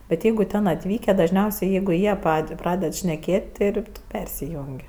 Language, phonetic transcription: Lithuanian, bet ˈjeigu ˈten atˈvykę dažˈniausiai ˈjeigu ˈjie ˈpad' ˈpraded šneˈkėt' ˈti ir tu ˈpersijung'

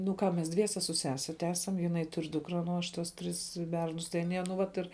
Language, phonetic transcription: Lithuanian, nu ˈką mes ˈdviese su ˈsese ˈtesam jiˈnai tur' ˈdūkra ˈnu aš ˈtuos ˈtris ˈbernus tai aˈnie nu ˈvat ir

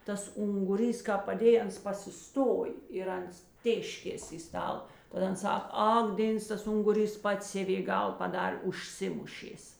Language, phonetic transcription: Lithuanian, ˈtas unguˈrys ˈkāp paˈdėj ˈans pasiˈstoj ir ˈans ˈtėškės i ˈstal tad ˈan ˈsak ˈak ˈdėns tas ˈunguˌrys ˈpats ˈsevė ˈgal paˈdar' užˈsimušės

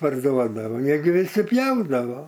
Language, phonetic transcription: Lithuanian, parˈduodavo ˈjie gi ˈvisi ˈpjaudavo

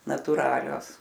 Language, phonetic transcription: Lithuanian, natuˈralios

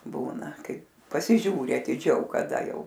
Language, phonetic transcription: Lithuanian, ˈbūna ˈkai pasiˈžiūri atiˈdžiau kaˈda ˈjau

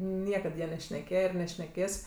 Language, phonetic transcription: Lithuanian, ˈniekad ˈja nešneˈkėje ir nešneˈkės

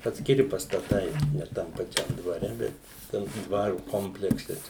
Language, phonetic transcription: Lithuanian, atskiˈri pastaˈtai ne ˈtam paˈčiam dvaˈre ˈbet ˈten to ˈdvaru ˈkomplekse ˈčia

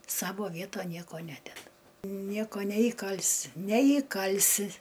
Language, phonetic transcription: Lithuanian, ˈsavo ˈvieton ˈnieko ˈnededa ˈnieko neįˈkalsi neįˈkalsi

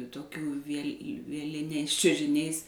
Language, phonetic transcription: Lithuanian, toˈkių viel' vieˈliniais čiužiˈniais

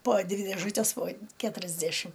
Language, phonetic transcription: Lithuanian, po ˈdvi dėˈžutes po ˈketuriasdæšim

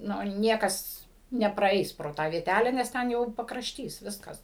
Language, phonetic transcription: Lithuanian, ˈnu ˈniekas nepraˈeis pro ˈtą vieˈtæle nes ˈten jau pakrašˈtys ˈviskas

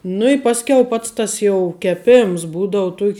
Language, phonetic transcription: Lithuanian, nu i ˈpasˌkiau ˈpats tas jau keˈpėms ˈbūdau ˈtuok'

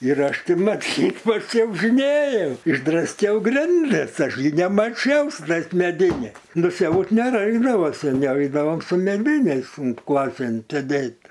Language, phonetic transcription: Lithuanian, ir ˈaš ˈtį ˈmat ˈtik pačiaužinėjau išdrasˈkiau ˈgrindis ˈaš gi nemaˈčiau su ˈtais meˈdiniai nuˈsiaut neˈraikdavo seˈniau ˈeidavom su meˈdiniais un ˈklasėn sėˈdėt

